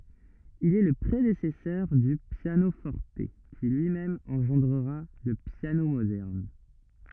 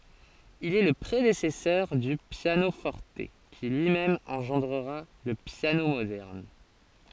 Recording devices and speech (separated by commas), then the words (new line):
rigid in-ear microphone, forehead accelerometer, read sentence
Il est le prédécesseur du piano-forte, qui lui-même engendra le piano moderne.